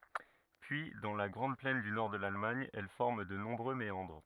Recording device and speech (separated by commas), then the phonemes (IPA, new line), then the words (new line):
rigid in-ear microphone, read sentence
pyi dɑ̃ la ɡʁɑ̃d plɛn dy nɔʁ də lalmaɲ ɛl fɔʁm də nɔ̃bʁø meɑ̃dʁ
Puis, dans la grande plaine du nord de l'Allemagne, elle forme de nombreux méandres.